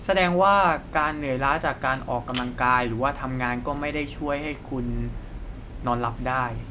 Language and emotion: Thai, neutral